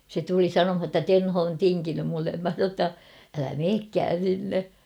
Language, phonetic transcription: Finnish, se tuli "sanomha ‿tta "Tenho on "tiŋkinym mullem mä sa ‿tta , » älä 'meekkään̬ sinne ! «
- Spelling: se tuli sanomaan jotta Tenho on tinkinyt minulle minä sanoin jotta älä menekään sinne

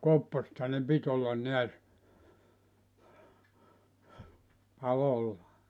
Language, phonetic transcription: Finnish, "kopposᵉtha ne "pit ‿ollan 'neäs , "palolla .
- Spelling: kopposethan ne piti olla näet palolla

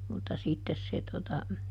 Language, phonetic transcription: Finnish, mutta ˈsittes se tota ,.
- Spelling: mutta sitten se tuota

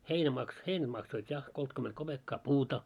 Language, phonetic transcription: Finnish, heinä maks- , 'heinäᴅ maksoit 'ja , 'koltkyment 'koʙekkaa "puuta .
- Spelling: heinä - heinä maksoi ja kolmekymmentä kopeekkaa puuta

